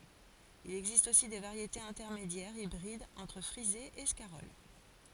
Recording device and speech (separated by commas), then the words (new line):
forehead accelerometer, read sentence
Il existe aussi des variétés intermédiaires, hybrides entre frisée et scarole.